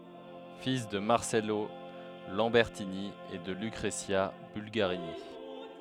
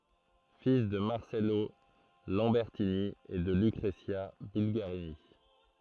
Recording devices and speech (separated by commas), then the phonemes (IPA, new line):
headset microphone, throat microphone, read sentence
fil də maʁsɛlo lɑ̃bɛʁtini e də lykʁəzja bylɡaʁini